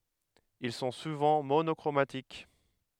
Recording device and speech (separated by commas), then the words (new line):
headset microphone, read sentence
Ils sont souvent monochromatiques.